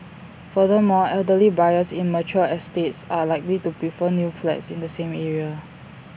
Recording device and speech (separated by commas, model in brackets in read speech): boundary microphone (BM630), read sentence